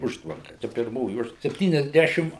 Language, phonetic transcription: Lithuanian, ˈužtvanka ˈčia pirˈmoji ˈužtv sepˌtyniasˈdæšim

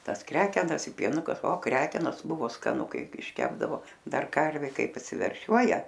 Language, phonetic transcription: Lithuanian, ˈtas ˈkrekenas i pieˈnuka o ˈkrekenos ˈbuvo skaˈnu ˈkaip išˈkepdavo ˈdar ˈkarvė ˈkaip apsiverˈšiuoja

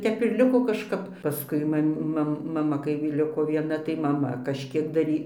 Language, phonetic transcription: Lithuanian, ˈtep ir ˈliko kažˈkap paˈskui ˈmam' ˈmam maˈma kai ˈliko vieˈna tai maˈma kažˈkiek daˈry

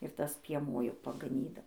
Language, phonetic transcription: Lithuanian, ir ˈtas pieˈmuo jau pagaˈnydau

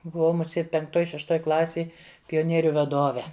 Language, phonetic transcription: Lithuanian, buˈvau muˈsėt penkˈtoj šešˈtoj ˈklasėj pioˈnieriu vaˈdove

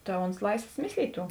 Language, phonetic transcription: Lithuanian, ta ons ˈlaisvos ˈmislyt' ˈtų

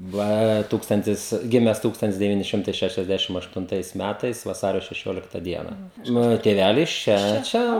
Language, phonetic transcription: Lithuanian, ˈva ˈtūkstantis ˈgimes ˈtūkstantis deˈvyni ˈšimtai šešiasˈdæšim aštunˈtais ˈmætais vaˈsario šeˈšiolikta ˈdiena ˈmano tėˈvælis ˈčia ˈčia

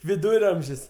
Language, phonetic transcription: Lithuanian, viˈdūramžis

